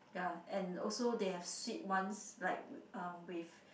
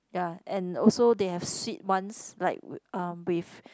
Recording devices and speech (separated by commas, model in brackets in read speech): boundary microphone, close-talking microphone, conversation in the same room